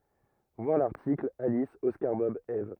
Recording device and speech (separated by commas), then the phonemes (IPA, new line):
rigid in-ear microphone, read sentence
vwaʁ laʁtikl alis ɔskaʁ bɔb ɛv